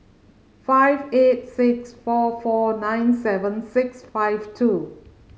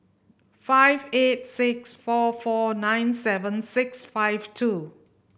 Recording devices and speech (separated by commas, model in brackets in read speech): mobile phone (Samsung C5010), boundary microphone (BM630), read sentence